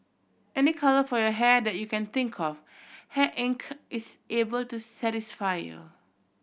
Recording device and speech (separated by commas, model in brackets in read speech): boundary microphone (BM630), read sentence